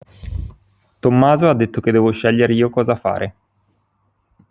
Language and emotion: Italian, neutral